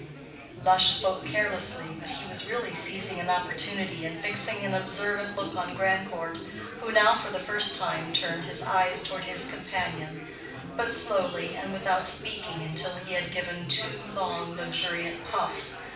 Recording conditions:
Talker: one person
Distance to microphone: 5.8 m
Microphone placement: far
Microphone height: 1.8 m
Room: medium-sized (5.7 m by 4.0 m)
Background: babble

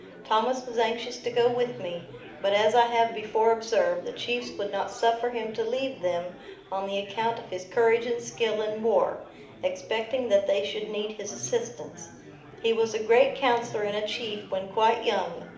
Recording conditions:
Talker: one person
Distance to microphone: 2.0 m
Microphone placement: close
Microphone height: 99 cm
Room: medium-sized (5.7 m by 4.0 m)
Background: babble

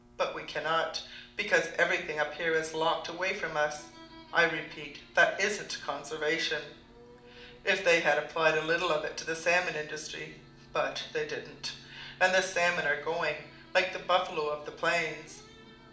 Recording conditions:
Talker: one person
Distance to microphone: 2.0 m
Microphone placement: close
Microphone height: 99 cm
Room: medium-sized (5.7 m by 4.0 m)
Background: television

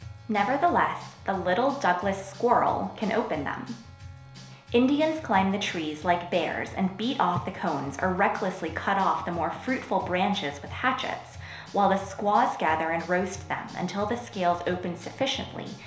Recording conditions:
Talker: one person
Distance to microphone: 1.0 m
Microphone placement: close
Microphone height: 1.1 m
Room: small (3.7 m by 2.7 m)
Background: music

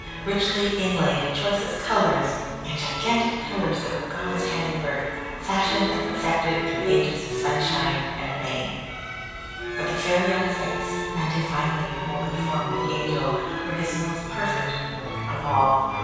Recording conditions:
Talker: one person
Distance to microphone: 7.1 m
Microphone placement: far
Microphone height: 1.7 m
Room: very reverberant, large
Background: music

